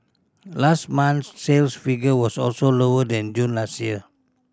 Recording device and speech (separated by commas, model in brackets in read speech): standing microphone (AKG C214), read sentence